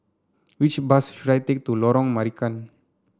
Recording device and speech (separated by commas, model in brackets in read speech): standing microphone (AKG C214), read sentence